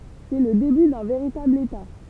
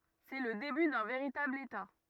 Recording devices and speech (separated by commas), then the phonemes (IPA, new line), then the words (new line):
temple vibration pickup, rigid in-ear microphone, read sentence
sɛ lə deby dœ̃ veʁitabl eta
C'est le début d'un véritable État.